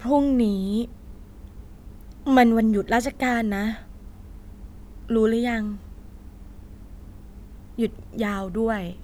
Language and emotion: Thai, frustrated